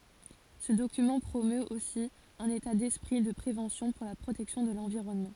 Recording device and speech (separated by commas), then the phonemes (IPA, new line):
forehead accelerometer, read sentence
sə dokymɑ̃ pʁomøt osi œ̃n eta dɛspʁi də pʁevɑ̃sjɔ̃ puʁ la pʁotɛksjɔ̃ də lɑ̃viʁɔnmɑ̃